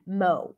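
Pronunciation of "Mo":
In 'Mo', the vowel is the O sound as in 'go'.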